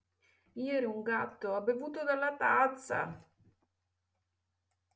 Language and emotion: Italian, sad